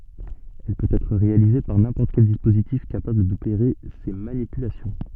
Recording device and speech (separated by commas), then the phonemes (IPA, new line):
soft in-ear microphone, read sentence
ɛl pøt ɛtʁ ʁealize paʁ nɛ̃pɔʁt kɛl dispozitif kapabl dopeʁe se manipylasjɔ̃